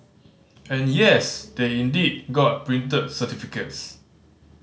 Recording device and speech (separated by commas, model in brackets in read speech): mobile phone (Samsung C5010), read sentence